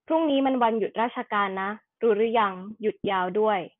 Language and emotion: Thai, neutral